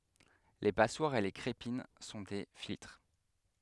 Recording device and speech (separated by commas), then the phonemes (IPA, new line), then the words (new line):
headset microphone, read sentence
le paswaʁz e le kʁepin sɔ̃ de filtʁ
Les passoires et les crépines sont des filtres.